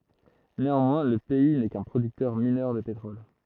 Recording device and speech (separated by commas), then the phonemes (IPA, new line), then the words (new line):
throat microphone, read sentence
neɑ̃mwɛ̃ lə pɛi nɛ kœ̃ pʁodyktœʁ minœʁ də petʁɔl
Néanmoins, le pays n'est qu'un producteur mineur de pétrole.